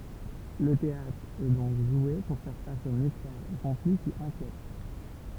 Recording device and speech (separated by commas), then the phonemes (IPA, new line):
temple vibration pickup, read sentence
lə teatʁ ɛ dɔ̃k ʒwe puʁ fɛʁ fas o mistɛʁz e kɔ̃fli ki ɛ̃kjɛt